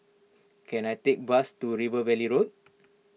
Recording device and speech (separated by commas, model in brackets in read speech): mobile phone (iPhone 6), read sentence